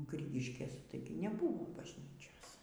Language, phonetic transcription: Lithuanian, ˈgrigiškės ˈtaigi neˈbuvo bažˈnyčios

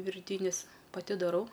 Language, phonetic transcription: Lithuanian, virˈtynis paˈti daˈrau

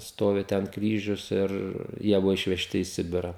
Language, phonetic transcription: Lithuanian, ˈstovi ten ˈkryžius ir ˈjie ˈbuvo išveˈžti į ˈsibira

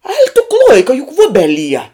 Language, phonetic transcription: Lithuanian, aik tu ˈkloika juk ˈvubeˌlie

